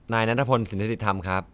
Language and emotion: Thai, neutral